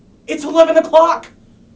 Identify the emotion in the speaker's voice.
fearful